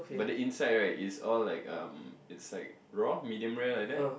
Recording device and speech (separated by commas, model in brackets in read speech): boundary microphone, conversation in the same room